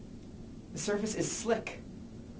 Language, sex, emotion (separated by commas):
English, male, fearful